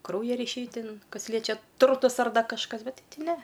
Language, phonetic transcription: Lithuanian, ˈkrauja ryˈšiai ˈtin ˈkas ˈliečia ˈturtus ar ˈda kažˈkas ˈbet' ˈti ˈne

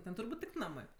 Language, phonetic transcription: Lithuanian, ˈten turˈbūt' tik ˈnamɜ

